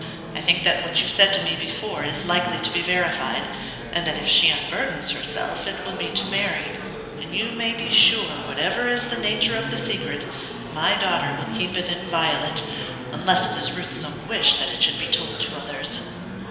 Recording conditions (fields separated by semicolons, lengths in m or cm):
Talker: one person; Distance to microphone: 1.7 m; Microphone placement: close; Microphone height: 1.0 m; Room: very reverberant, large; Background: babble